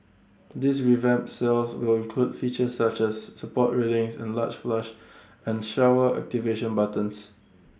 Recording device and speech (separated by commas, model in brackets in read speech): standing microphone (AKG C214), read sentence